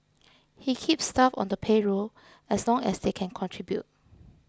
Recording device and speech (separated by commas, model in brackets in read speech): close-talking microphone (WH20), read sentence